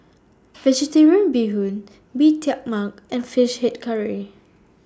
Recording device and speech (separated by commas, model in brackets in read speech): standing microphone (AKG C214), read sentence